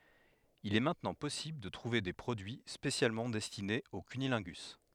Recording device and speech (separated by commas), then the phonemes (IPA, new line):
headset microphone, read sentence
il ɛ mɛ̃tnɑ̃ pɔsibl də tʁuve de pʁodyi spesjalmɑ̃ dɛstinez o kynilɛ̃ɡys